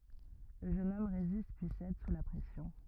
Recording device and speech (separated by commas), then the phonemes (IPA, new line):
rigid in-ear microphone, read sentence
lə ʒøn ɔm ʁezist pyi sɛd su la pʁɛsjɔ̃